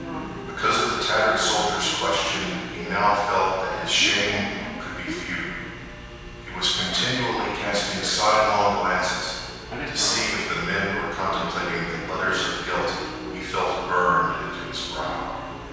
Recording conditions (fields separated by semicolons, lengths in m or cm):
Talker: one person; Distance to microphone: 7.1 m; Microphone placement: far; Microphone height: 1.7 m; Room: very reverberant, large; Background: television